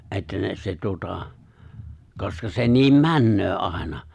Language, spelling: Finnish, että ne se tuota koska se niin menee aina
- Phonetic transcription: '’e̬ttä ne se 'tuota , 'koska se niim "männöö 'àina .

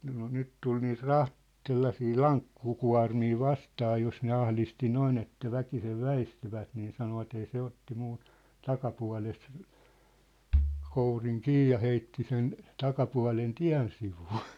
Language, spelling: Finnish, no nyt tuli niitä - sellaisia lankkukuormia vastaan jos ne ahdisti noin että väkisin väistyvät niin sanoivat ei se otti muu takapuolesta kourin kiinni ja heitti sen takapuolen tien sivuun
- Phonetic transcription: no 'nyt 'tul niit "raht- , ᵗsellasii "laŋkku'kua̭rmii "vastaa jos ne 'ahlisti "noin ‿että 'väkisev "väistyvät nii 'sanovat ‿ei se 'otti muu , 'takapua̭lest , 'kouriŋ "kii ja 'heitti sen , 'takapua̭len "tiä̭n sivuu .

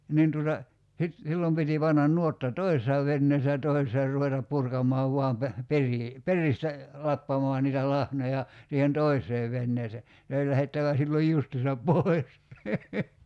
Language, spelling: Finnish, niin tuota sitten silloin piti panna nuotta toisessa veneessä ja toisessa ruveta purkamaan vain - - peristä lappamaan niitä lahnoja siihen toiseen veneeseen se oli lähdettävä silloin justiinsa pois
- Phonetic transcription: 'nin tuta , 'sit , 'sillom piti 'pannan 'nuotta "toisesa 'venneessä ja 'toisesa ruvetap 'purkam̀aav 'vuam pe- , 'perii- , "peristä , "lappamaa niitä 'lahnoja , siihen "toisee venneese , (se) oĺ 'lähettävä silloj 'justisap "poi̬s .

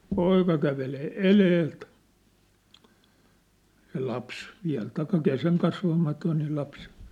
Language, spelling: Finnish, poika kävelee edeltä se lapsi vielä tai keskenkasvamaton niin lapsi
- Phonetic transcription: 'poika kävelee "eleelt , se laps , viä̭l taikka 'keseŋkasvamatoin ni laps .

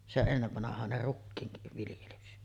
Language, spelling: Finnish, se ennenvanhainen rukiin viljelys
- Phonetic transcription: se 'ennevvanahaner rukkiin , viljelys .

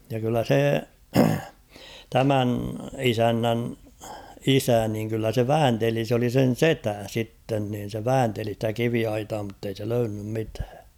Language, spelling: Finnish, ja kyllä se tämän isännän isä niin kyllä se väänteli se oli sen setä sitten niin se väänteli sitä kiviaitaa mutta ei se löytänyt mitään
- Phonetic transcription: ja kyllä 'se , "tämän "isännän , "isä niiŋ kyllä se "väänteli s ‿oli 'sen̬ "setä 'sitten niin se "väänteli ‿stä "kiviaitaa muttei se 'löynnym 'mitᴀ̈ᴀ̈ .

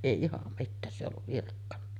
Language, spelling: Finnish, ei ihan mitään se ollut virkkonut
- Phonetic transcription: 'èi 'iham mittääs se olluv virkkanna .

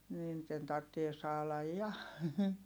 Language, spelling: Finnish, niin niiden tarvitsee saada ja
- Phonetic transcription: nii niten tarttie saalaj ja .

